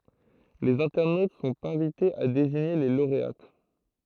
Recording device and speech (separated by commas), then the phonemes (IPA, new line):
throat microphone, read sentence
lez ɛ̃tɛʁnot sɔ̃t ɛ̃vitez a deziɲe le loʁeat